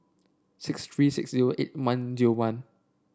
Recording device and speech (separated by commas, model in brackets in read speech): standing microphone (AKG C214), read sentence